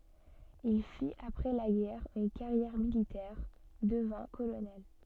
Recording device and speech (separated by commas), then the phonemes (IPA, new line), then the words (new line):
soft in-ear microphone, read sentence
il fit apʁɛ la ɡɛʁ yn kaʁjɛʁ militɛʁ dəvɛ̃ kolonɛl
Il fit après la guerre une carrière militaire, devint colonel.